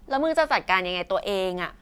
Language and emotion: Thai, frustrated